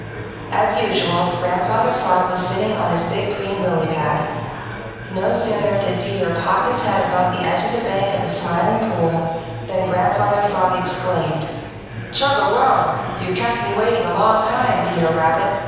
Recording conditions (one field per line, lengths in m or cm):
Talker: one person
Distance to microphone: 7.1 m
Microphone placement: far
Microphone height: 1.7 m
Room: very reverberant, large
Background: babble